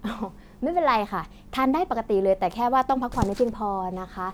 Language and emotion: Thai, happy